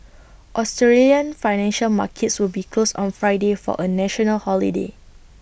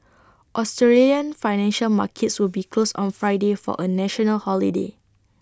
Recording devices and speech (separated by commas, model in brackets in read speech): boundary microphone (BM630), standing microphone (AKG C214), read sentence